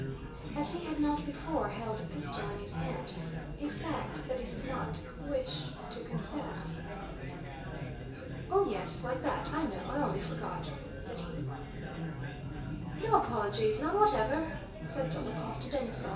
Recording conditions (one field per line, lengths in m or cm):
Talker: one person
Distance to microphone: 1.8 m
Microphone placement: close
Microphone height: 1.0 m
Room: large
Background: babble